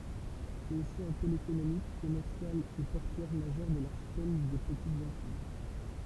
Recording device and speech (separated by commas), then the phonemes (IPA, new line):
temple vibration pickup, read sentence
sɛt osi œ̃ pol ekonomik kɔmɛʁsjal e pɔʁtyɛʁ maʒœʁ də laʁʃipɛl de pətitz ɑ̃tij